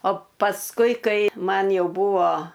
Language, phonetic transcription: Lithuanian, o pasˈkui ˈkai ˈman ˈjau ˈbūvo

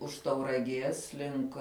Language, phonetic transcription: Lithuanian, už tauraˈgės ˈlink

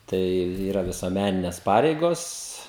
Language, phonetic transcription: Lithuanian, ˈtai ˈyra visuoˈmænines ˈpareigos

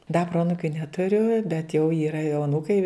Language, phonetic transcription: Lithuanian, da ˈproanukiu netuˈriu bet jau ˈyra jau aˈnūkai

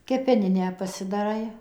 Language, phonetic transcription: Lithuanian, kepeˈninę pasidaˈrai

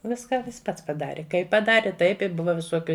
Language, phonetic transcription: Lithuanian, ˈviska ˈjis ˈpats paˈdari ˈkaip paˈdari ˈtaip i ˈbuva viˈsokiu

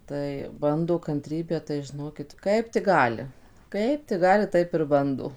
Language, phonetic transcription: Lithuanian, ˈtai ˈbando kanˈtrybę tai žiˈnokit ˈkaip tik ˈgali ˈkaip tik ˈgali ˈtaip ir ˈbando

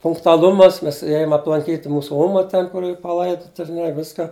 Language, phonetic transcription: Lithuanian, punktuaˈlumas ˈmes ˈėjum aplanˈkyt' ˈmūsu ˈoma ˈten kur ˈyr paˈlaiduta ir ˈne ˈviska

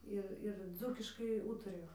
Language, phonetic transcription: Lithuanian, ˈir ir ˈdzūkiškai ˈūtarijo

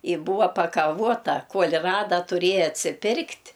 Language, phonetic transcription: Lithuanian, y ˈbūva pakaˈvuota ˈkuol' ˈrada tuˈrėja atsiˈpirkt'

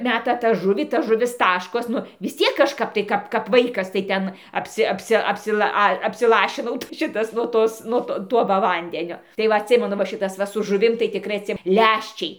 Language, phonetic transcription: Lithuanian, ˈmeta tą ˈžuvį ta ˈžuvis ˈtaškos ˈnu vis ˈciek kažˈkap tai ˈkap kap ˈvaikas tai ˈten apˈsi apˈsi apsiˈla ˈa apsiˈlašinau tai ˈšitas nuo ˈtos ˈnuo to ˈtuo va ˈvandenio tai ˈva atˈsimenu va ˈšitas ˈva su žuˈvim tai tikˈrai atˈsi ˈlæščiai

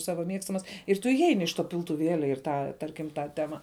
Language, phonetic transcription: Lithuanian, ˈsava ˈmiegstamas ir ˈtu iˈeini iš to piltuˈvėlia ir ˈtą ˈtarkim ˈtą ˈtema

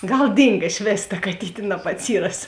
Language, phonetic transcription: Lithuanian, ˈgal ˈdynga iš ˈvės ta kaˈtytė nabatˈsyras

